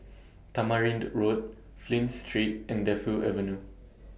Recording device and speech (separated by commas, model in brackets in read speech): boundary microphone (BM630), read sentence